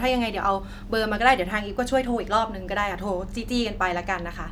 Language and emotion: Thai, frustrated